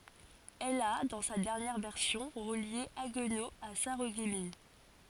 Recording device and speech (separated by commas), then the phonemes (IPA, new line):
forehead accelerometer, read sentence
ɛl a dɑ̃ sa dɛʁnjɛʁ vɛʁsjɔ̃ ʁəlje aɡno a saʁəɡmin